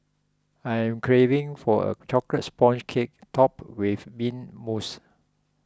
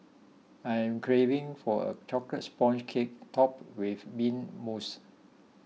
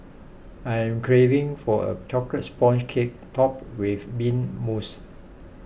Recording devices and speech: close-talking microphone (WH20), mobile phone (iPhone 6), boundary microphone (BM630), read sentence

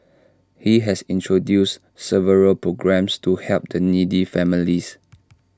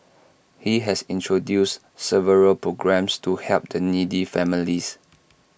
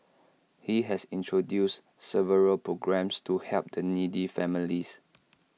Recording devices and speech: standing microphone (AKG C214), boundary microphone (BM630), mobile phone (iPhone 6), read sentence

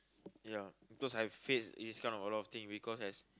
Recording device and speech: close-talking microphone, conversation in the same room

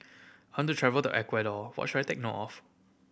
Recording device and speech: boundary microphone (BM630), read sentence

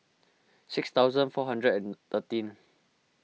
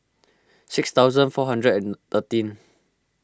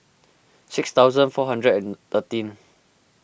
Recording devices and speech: mobile phone (iPhone 6), close-talking microphone (WH20), boundary microphone (BM630), read sentence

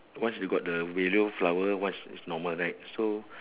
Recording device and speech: telephone, conversation in separate rooms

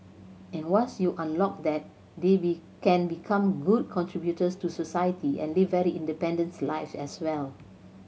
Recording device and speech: mobile phone (Samsung C7100), read sentence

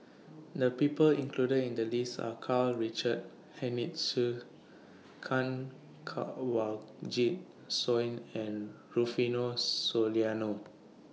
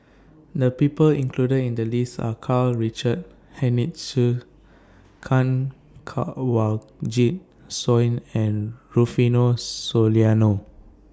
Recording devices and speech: mobile phone (iPhone 6), standing microphone (AKG C214), read sentence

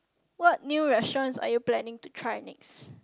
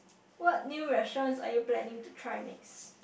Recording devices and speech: close-talking microphone, boundary microphone, conversation in the same room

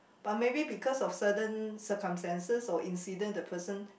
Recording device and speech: boundary microphone, conversation in the same room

